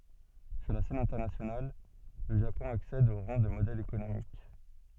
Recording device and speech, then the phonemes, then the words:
soft in-ear microphone, read sentence
syʁ la sɛn ɛ̃tɛʁnasjonal lə ʒapɔ̃ aksɛd o ʁɑ̃ də modɛl ekonomik
Sur la scène internationale, le Japon accède au rang de modèle économique.

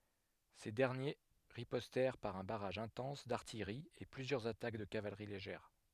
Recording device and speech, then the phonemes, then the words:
headset microphone, read sentence
se dɛʁnje ʁipɔstɛʁ paʁ œ̃ baʁaʒ ɛ̃tɑ̃s daʁtijʁi e plyzjœʁz atak də kavalʁi leʒɛʁ
Ces derniers ripostèrent par un barrage intense d'artillerie et plusieurs attaques de cavalerie légères.

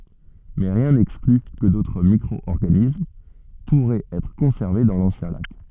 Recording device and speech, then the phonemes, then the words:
soft in-ear microphone, read sentence
mɛ ʁjɛ̃ nɛkskly kə dotʁ mikʁɔɔʁɡanism puʁɛt ɛtʁ kɔ̃sɛʁve dɑ̃ lɑ̃sjɛ̃ lak
Mais rien n'exclut que d'autres microorganismes pourraient être conservés dans l'ancien lac.

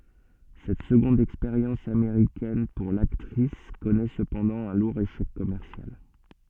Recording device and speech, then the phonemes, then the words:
soft in-ear microphone, read sentence
sɛt səɡɔ̃d ɛkspeʁjɑ̃s ameʁikɛn puʁ laktʁis kɔnɛ səpɑ̃dɑ̃ œ̃ luʁ eʃɛk kɔmɛʁsjal
Cette seconde expérience américaine pour l'actrice connaît cependant un lourd échec commercial.

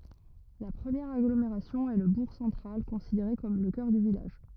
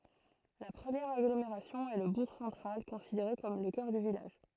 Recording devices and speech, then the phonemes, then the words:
rigid in-ear microphone, throat microphone, read sentence
la pʁəmjɛʁ aɡlomeʁasjɔ̃ ɛ lə buʁ sɑ̃tʁal kɔ̃sideʁe kɔm lə kœʁ dy vilaʒ
La première agglomération est le bourg central, considéré comme le cœur du village.

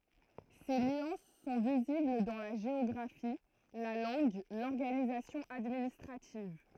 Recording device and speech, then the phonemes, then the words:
throat microphone, read sentence
se nyɑ̃s sɔ̃ vizibl dɑ̃ la ʒeɔɡʁafi la lɑ̃ɡ lɔʁɡanizasjɔ̃ administʁativ
Ces nuances sont visibles dans la géographie, la langue, l'organisation administrative.

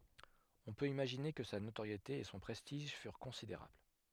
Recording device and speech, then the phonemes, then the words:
headset microphone, read sentence
ɔ̃ pøt imaʒine kə sa notoʁjete e sɔ̃ pʁɛstiʒ fyʁ kɔ̃sideʁabl
On peut imaginer que sa notoriété et son prestige furent considérables.

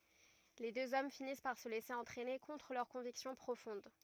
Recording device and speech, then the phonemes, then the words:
rigid in-ear microphone, read sentence
le døz ɔm finis paʁ sə lɛse ɑ̃tʁɛne kɔ̃tʁ lœʁ kɔ̃viksjɔ̃ pʁofɔ̃d
Les deux hommes finissent par se laisser entraîner contre leur conviction profonde.

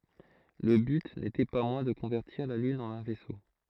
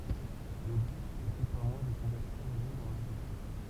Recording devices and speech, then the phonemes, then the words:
throat microphone, temple vibration pickup, read sentence
lə byt netɛ pa mwɛ̃ də kɔ̃vɛʁtiʁ la lyn ɑ̃n œ̃ vɛso
Le but n'était pas moins de convertir la lune en un vaisseau.

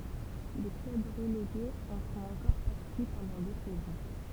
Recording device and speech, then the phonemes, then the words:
temple vibration pickup, read sentence
le klœb ʁəleɡez ɑ̃ fɔ̃t ɑ̃kɔʁ paʁti pɑ̃dɑ̃ dø sɛzɔ̃
Les clubs relégués en font encore partie pendant deux saisons.

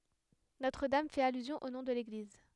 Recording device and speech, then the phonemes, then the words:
headset microphone, read sentence
notʁ dam fɛt alyzjɔ̃ o nɔ̃ də leɡliz
Notre-Dame fait allusion au nom de l'église.

